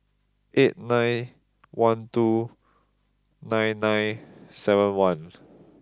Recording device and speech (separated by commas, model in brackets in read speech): close-talking microphone (WH20), read sentence